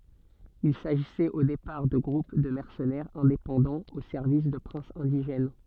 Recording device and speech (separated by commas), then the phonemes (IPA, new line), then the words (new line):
soft in-ear microphone, read sentence
il saʒisɛt o depaʁ də ɡʁup də mɛʁsənɛʁz ɛ̃depɑ̃dɑ̃z o sɛʁvis də pʁɛ̃sz ɛ̃diʒɛn
Il s’agissait au départ de groupes de mercenaires indépendants au service de princes indigènes.